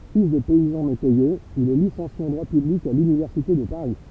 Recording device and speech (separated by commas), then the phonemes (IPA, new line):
temple vibration pickup, read sentence
fil də pɛizɑ̃ metɛjez il ɛ lisɑ̃sje ɑ̃ dʁwa pyblik a lynivɛʁsite də paʁi